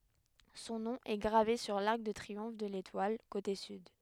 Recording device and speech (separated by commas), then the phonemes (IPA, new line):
headset microphone, read sentence
sɔ̃ nɔ̃ ɛ ɡʁave syʁ laʁk də tʁiɔ̃f də letwal kote syd